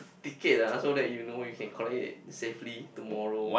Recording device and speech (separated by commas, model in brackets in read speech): boundary microphone, conversation in the same room